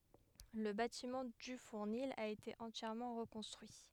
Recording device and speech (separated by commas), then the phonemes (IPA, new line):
headset microphone, read sentence
lə batimɑ̃ dy fuʁnil a ete ɑ̃tjɛʁmɑ̃ ʁəkɔ̃stʁyi